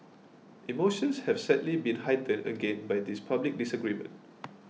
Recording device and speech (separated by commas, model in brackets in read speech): mobile phone (iPhone 6), read sentence